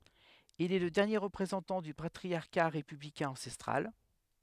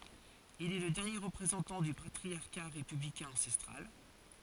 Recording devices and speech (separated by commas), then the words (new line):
headset microphone, forehead accelerometer, read sentence
Il est le dernier représentant du patriciat républicain ancestral.